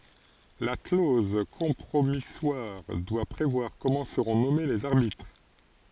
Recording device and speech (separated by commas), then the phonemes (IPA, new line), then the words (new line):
forehead accelerometer, read sentence
la kloz kɔ̃pʁomiswaʁ dwa pʁevwaʁ kɔmɑ̃ səʁɔ̃ nɔme lez aʁbitʁ
La clause compromissoire doit prévoir comment seront nommés les arbitres.